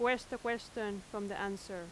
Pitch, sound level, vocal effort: 210 Hz, 88 dB SPL, very loud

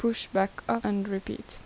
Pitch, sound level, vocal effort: 195 Hz, 76 dB SPL, normal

